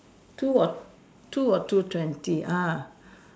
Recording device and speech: standing microphone, conversation in separate rooms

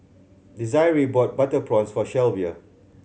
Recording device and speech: mobile phone (Samsung C7100), read sentence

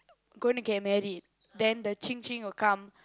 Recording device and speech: close-talking microphone, conversation in the same room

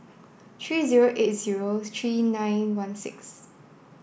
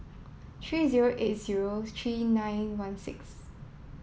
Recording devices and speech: boundary microphone (BM630), mobile phone (iPhone 7), read sentence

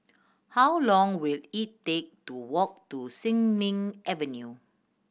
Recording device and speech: boundary microphone (BM630), read sentence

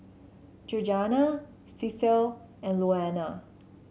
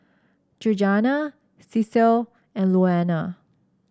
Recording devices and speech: mobile phone (Samsung C7), standing microphone (AKG C214), read sentence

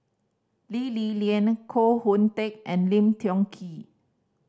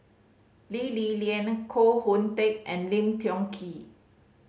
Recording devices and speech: standing microphone (AKG C214), mobile phone (Samsung C5010), read sentence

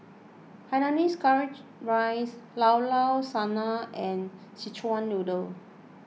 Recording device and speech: mobile phone (iPhone 6), read sentence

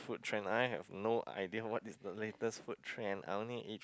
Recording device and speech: close-talking microphone, conversation in the same room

